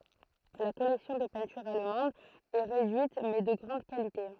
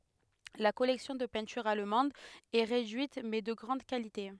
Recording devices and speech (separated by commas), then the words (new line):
throat microphone, headset microphone, read sentence
La collection de peintures allemandes est réduite mais de grande qualité.